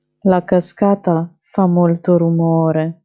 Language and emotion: Italian, sad